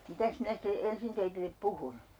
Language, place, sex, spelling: Finnish, Urjala, female, mitäs minä sitten ensin teille puhun
- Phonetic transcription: 'mitäs minä site 'ensin 'teitillep "puhun ?

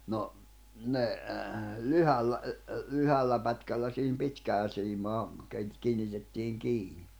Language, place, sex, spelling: Finnish, Jämsä, male, no ne lyhyellä lyhyellä pätkällä siihen pitkäänsiimaan - kiinnitettiin kiinni
- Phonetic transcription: 'no , 'ne , 'lyhällä , 'lyhällä pätkällä siihim 'pitkään̬siimaa , keit- , 'kiinitettiiŋ 'kiini .

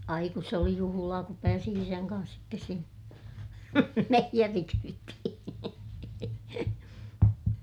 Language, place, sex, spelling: Finnish, Ilmajoki, female, ai kun se oli juhlaa kun pääsi isän kanssa sitten sinne meijerikyytiin
- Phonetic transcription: ai kus se oli juhulaa kup pääsi isäŋ kan̬s sittes sin(ne) , meijerikyyttihiḭ .

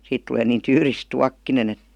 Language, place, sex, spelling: Finnish, Vihti, female, siitä tulee niin tyyris tuokkonen että
- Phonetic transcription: 'siit tulee niin "tyyris "tuakkine'n ‿et .

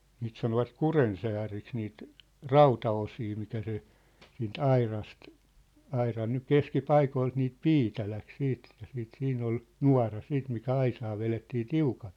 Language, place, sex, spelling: Finnish, Sippola, male, niitä sanovat kurjensääriksi niitä rautaosia mitä se siitä aurasta auran nyt keskipaikoilta niitä piitä lähti sitten että sitten siinä oli nuora sitten mikä aisaa vedettiin tiukalle
- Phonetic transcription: 'niit sanovat "kurensääriks niit , "rauta₍osii mitä se , siin"t ‿airast , 'airan nyk "keski"paikoilt niit "piitä läk 'siit ‿ᴇttᴀ̈ siit 'siin̆n ‿ol , "nua̭ra 'siit mikä "aisaa 'velettii "tiukaʟ .

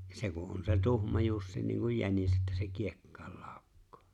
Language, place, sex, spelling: Finnish, Lapinlahti, male, ja se kun on se tuhma jussi niin kuin jänis että se kiekkaan laukkaa
- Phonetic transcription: , ja 'se ku ’on se 'tuhma 'jussi niiŋkuj 'jänis että se "kiekkᴀᴀʟ 'ʟᴀᴀᵒkkᴏᴏ .

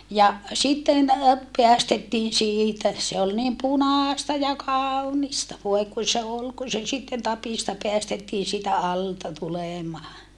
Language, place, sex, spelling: Finnish, Saarijärvi, female, ja sitten päästettiin siitä se oli niin punaista ja kaunista voi kun se oli kun se sitten tapista päästettiin siitä alta tulemaan
- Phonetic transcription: ja , sitten , peästettiin siitä , se ol niim punaasta ja kaaunista voe kun̬ se ol ku se sitten tapìsta peästettiin siitä alta tulèmaa .

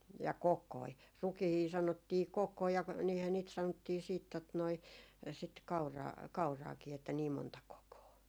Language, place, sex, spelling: Finnish, Jaala, female, ja kokoja rukiita sanottiin kokoja ja niinhän niitä sanottiin sitten tuota noin sitten kauraa kauraakin että niin monta kokoa
- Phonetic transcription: ja "kok̆koi , 'rukihii 'sanottii "kokkoi ja niihä niit 'sanottii siit tot noi sit 'kauraa- 'kauraakii että niim monta 'kokoo .

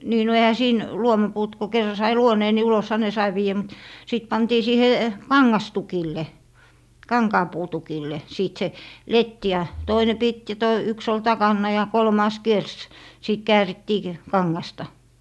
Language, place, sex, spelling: Finnish, Lappee, female, niin no eihän siinä luomapuut kun kerran sai luoneen niin uloshan ne sai viedä mutta sitten pantiin siihen kangastukille kankaanpuutukille siitä se letti ja toinen piti ja - yksi oli takana ja kolmas kiersi sitten käärittiin - kangasta
- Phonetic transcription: 'nii no ehä 'siin , "luomapuut ku 'kerra sai "luonee ni 'ulosha "ne sai 'viijä mut , 'sìt 'pantii 'siihe , "kaŋŋastukille , "kaŋkaapuu'tukille , 'siit se , "letti ja , 'toine pit ja to- , yks ‿ol 'takanna ja 'kolmàs 'kiers , 'sìt 'käärittii k- , "kaŋŋasta .

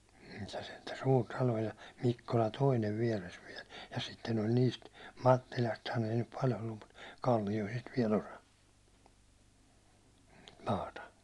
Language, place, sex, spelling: Finnish, Hollola, male, niin se sentään suuri talo ja Mikkola toinen vieressä vielä ja sitten oli niistä Mattilastahan ei nyt paljon ollut mutta Kallioisista vielä osa maata
- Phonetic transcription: (niin se) sentä 'suur 'talo ja 'Mikkola "toinev viɛres viɛl , ja sitten ol 'niist , 'Mattilasthan ‿ei nyp 'pal ‿ollum mut , 'Kallijoisist viɛ'l ‿osa , "maata .

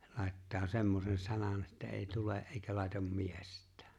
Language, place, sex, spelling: Finnish, Lapinlahti, male, ja laittaa semmoisen sanan että ei tule eikä laita miestään
- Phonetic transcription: (ja) lài̬ttaa 'semmosen 'sanan ᴇttᴀ̈ "eeⁱ "tule '’eeⁱkä lài̬tam "miest̆tᴀ̈ᴀ̈ .

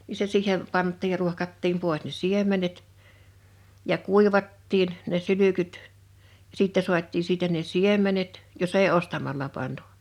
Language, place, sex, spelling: Finnish, Liperi, female, niin se siihen pantiin ja ruohkattiin pois ne siemenet ja kuivattiin ne sylkyt ja sitten saatiin siitä ne siemenet jos ei ostamalla pantu
- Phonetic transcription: ni se 'siiheᴍ , 'pant̆tiij ja 'ruohkattiim 'pòes ne "siem̆menet , ja "kùivattiin , ne 'sylykyt , (ja) 'sìttɛ 'suat́̆tii siitä ne "siem̀enet , jo's ‿èi "ostamalla pantᴜ .

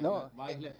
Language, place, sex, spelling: Finnish, Ikaalinen, male, no -
- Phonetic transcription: 'no , e- .

